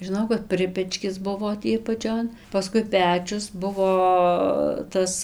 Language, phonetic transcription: Lithuanian, žiˈnau kad ˈpripečkis ˈbuvo tį apaˈčion paˈskui ˈpečius ˈbuvo ˈtas

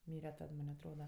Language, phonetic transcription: Lithuanian, ˈmyre ˈtad ˈman' atˈroda

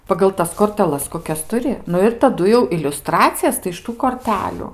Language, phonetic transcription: Lithuanian, pagal ˈtas korteˈlas koˈkias tuˈri ˈnu ir taˈdu jau iliuˈstracijas tai iš ˈtų korˈteliu

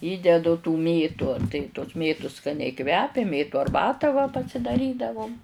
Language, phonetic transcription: Lithuanian, ˈįdedu tų ˈmėtu tai tos ˈmėtus skaˈniai kvepia ˈmėtu arˈbatą va pasidaˈrydavum

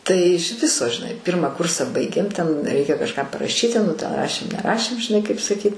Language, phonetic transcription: Lithuanian, tai iš ˈviso žiˈnai ˈpirmą ˈkursa ˈbaigėm ten ˈreikia kažˈką paraˈšyti nu ten ˈrašėm neˈrašėm žiˈnai kaip saˈkyt'

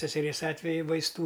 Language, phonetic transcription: Lithuanian, seseˈrės ˈatveju vaisˈtų

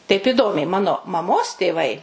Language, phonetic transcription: Lithuanian, taip iˈdomiai ˈmano maˈmos tėˈvai

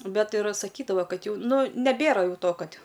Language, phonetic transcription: Lithuanian, ˈbet ir saˈkydava ˈkad ˈjau ˈnu neˈbėra ˈjau ˈto ˈkad'

